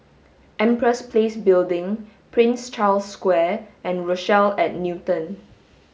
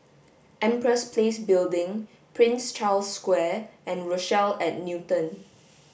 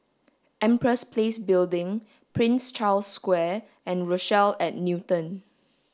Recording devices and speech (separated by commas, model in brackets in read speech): mobile phone (Samsung S8), boundary microphone (BM630), standing microphone (AKG C214), read sentence